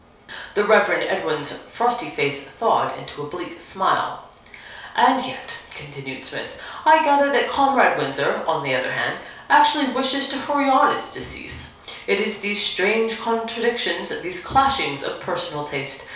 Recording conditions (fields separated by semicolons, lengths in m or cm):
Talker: one person; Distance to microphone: 3.0 m; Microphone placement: far; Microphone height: 1.8 m; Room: small (3.7 m by 2.7 m); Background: none